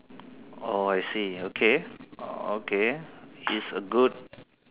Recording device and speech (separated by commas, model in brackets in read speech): telephone, conversation in separate rooms